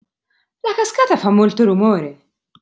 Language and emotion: Italian, surprised